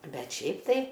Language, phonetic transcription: Lithuanian, ˈbet ˈšiaip tai

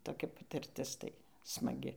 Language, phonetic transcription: Lithuanian, toˈkia patirˈtis ˈtai smaˈgi

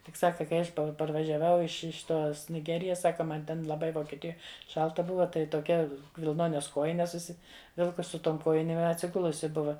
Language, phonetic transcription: Lithuanian, tik ˈsaka kai ˈaš parvažiaˈvau iš iš ˈtos niˈgerijas ˈsaka ˈman ten laˈbai vokieˈtijoj ˈšalta ˈbuva tai toˈkia vilˈnones ˈkojines užsiˈvilkus su ˈtom ˈkojinėm i atsiˈgulusi ˈbuva

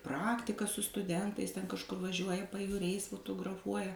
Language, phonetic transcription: Lithuanian, ˈpraktiką su stuˈdentais ten kažˈkur vaˈžiuoja pajūˈriais futugraˈfuoja

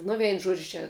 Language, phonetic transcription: Lithuanian, ˈnu ˈvein ˈžuodžiu ˈčia

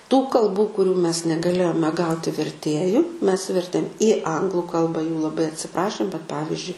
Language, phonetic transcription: Lithuanian, tų kalˈbų kuˈrių mes negaˈlėjome ˈgauti verˈtėju mes ˈvertėm į ˈanglu ˈkalba jų laˈbai atsiˈprašėm bet ˈpavizdžiui

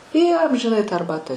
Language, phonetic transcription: Lithuanian, ˈjie amžiˈnai tą arˈbatą

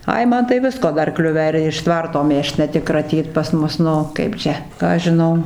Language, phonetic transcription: Lithuanian, ˈai ˈman tai ˈvisko ˈdar ˈkliuvę ir iš ˈtvarto ˈmėžt ne ˈtik kraˈtyt pas ˈmus ˈnu ˈkaip čia ˈką aš žiˈnau

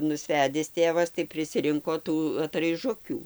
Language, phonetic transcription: Lithuanian, nusˈvedis ˈtėvas tai prisiˈrinko ˈtų atraiˈžukių

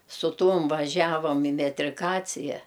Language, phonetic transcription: Lithuanian, su ˈtuom vaˈžiavam i metriˈkacija

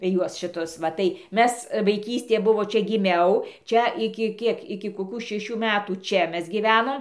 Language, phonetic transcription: Lithuanian, ˈjuos šiˈtus va tai ˈmes vaiˈkystė ˈbuvo ˈčia giˈmiau ˈčia iki ˈkiek iki koˈkų šeˈšių metų ˈčia ˈmes gyˈvenom

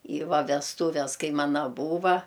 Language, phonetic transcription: Lithuanian, į ˈva vesˈtūves ˈkai ˈmana ˈbūva

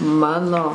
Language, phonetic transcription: Lithuanian, ˈmano

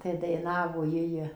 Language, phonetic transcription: Lithuanian, ˈtai daiˈnavo ˈjij

